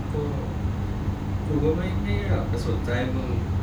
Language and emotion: Thai, frustrated